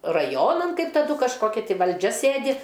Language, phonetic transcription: Lithuanian, raˈjonan ˈkaip taˈdu kažˈkoki ˈtai valˈdžia ˈsėdi

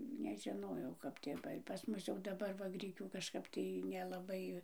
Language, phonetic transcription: Lithuanian, nežiˈnojau kap tėˈvai pas ˈmus jau daˈbar va ˈgrikių kažˈkap tai nelaˈbai

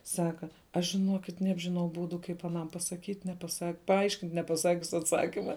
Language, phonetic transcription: Lithuanian, ˈsaka ˈaš žiˈnuokit ˈnebžiˌnau ˈbūdu ˈkaip aˈnam pasaˈkyt' nepaˈsak paˈaiškint' nepaˈsakius atˈsakima

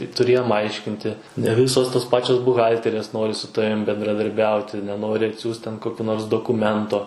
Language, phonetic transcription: Lithuanian, tuˈrėjom ˈaiškinti ne ˈvisos tos ˈpačios buˈhalterės ˈnori su ˈtavim bendradarˈbiauti neˈnori atˈsiųs ten ˈkokiu nors dokuˈmento

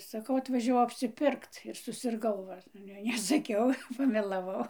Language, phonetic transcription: Lithuanian, saˈkau atvažiaˈvau apsiˈpirkt ir susirˈgau va ˈale nesaˈkiau pamelaˈvau

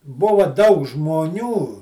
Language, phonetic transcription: Lithuanian, ˈbuva daug žmoˈnių

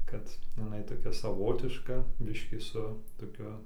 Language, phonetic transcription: Lithuanian, kad jiˈnai toˈkia saˈvotiška ˈbiškį su toˈkiu

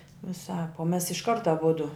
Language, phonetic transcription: Lithuanian, viˈsāp o mes išˈkart aˈbudu

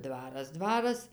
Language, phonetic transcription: Lithuanian, ˈdvaras ˈdvaras

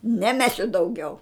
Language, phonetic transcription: Lithuanian, neˈmesiu dauˈgiau

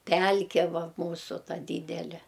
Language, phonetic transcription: Lithuanian, ˈpælke ˈva ˈmūsu ˈta ˈdydele

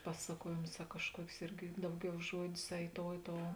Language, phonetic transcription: Lithuanian, ˈpasakuojėmus a kažˈkuokius ˈirgi ˈdauˌgiau ˈžuodius a i ˈtou i ˈtou

